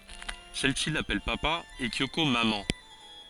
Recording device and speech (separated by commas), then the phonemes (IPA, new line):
forehead accelerometer, read sentence
sɛl si lapɛl papa e kjoko mamɑ̃